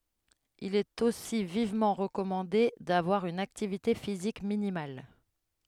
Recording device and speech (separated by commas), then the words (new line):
headset microphone, read sentence
Il est aussi vivement recommandé d'avoir une activité physique minimale.